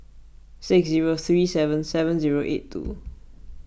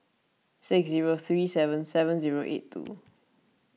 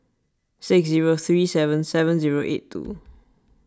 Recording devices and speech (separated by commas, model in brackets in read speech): boundary microphone (BM630), mobile phone (iPhone 6), standing microphone (AKG C214), read sentence